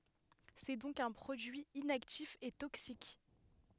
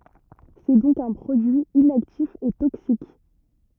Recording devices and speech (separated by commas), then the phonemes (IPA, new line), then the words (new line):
headset microphone, rigid in-ear microphone, read sentence
sɛ dɔ̃k œ̃ pʁodyi inaktif e toksik
C’est donc un produit inactif et toxique.